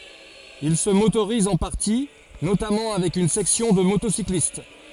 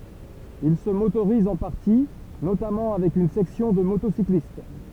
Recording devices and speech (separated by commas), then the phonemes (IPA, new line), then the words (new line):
forehead accelerometer, temple vibration pickup, read sentence
il sə motoʁiz ɑ̃ paʁti notamɑ̃ avɛk yn sɛksjɔ̃ də motosiklist
Il se motorise en partie, notamment avec une section de motocyclistes.